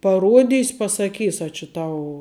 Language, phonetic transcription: Lithuanian, paˈruodys' pasaˈkys a či ˈtau

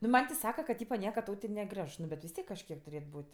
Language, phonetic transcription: Lithuanian, nu ˈman' ti ˈsaka ka ka ˈtypa ˈnieka ˈtau ti neˈgreš ˈnu bet vis ˈtiek kažˈkiek tuˈrėt ˈbūt'

